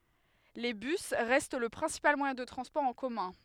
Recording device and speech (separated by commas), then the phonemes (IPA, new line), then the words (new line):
headset microphone, read sentence
le bys ʁɛst lə pʁɛ̃sipal mwajɛ̃ də tʁɑ̃spɔʁ ɑ̃ kɔmœ̃
Les bus restent le principal moyen de transport en commun.